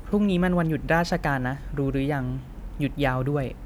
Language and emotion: Thai, neutral